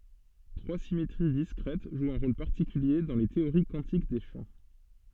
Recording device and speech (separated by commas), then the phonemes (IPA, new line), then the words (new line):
soft in-ear microphone, read sentence
tʁwa simetʁi diskʁɛt ʒwt œ̃ ʁol paʁtikylje dɑ̃ le teoʁi kwɑ̃tik de ʃɑ̃
Trois symétries discrètes jouent un rôle particulier dans les théories quantiques des champs.